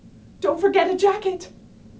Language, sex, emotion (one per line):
English
female
fearful